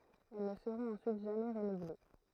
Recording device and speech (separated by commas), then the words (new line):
throat microphone, read sentence
Elles ne seront ensuite jamais renouvelées.